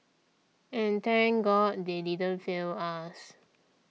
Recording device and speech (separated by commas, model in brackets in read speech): mobile phone (iPhone 6), read sentence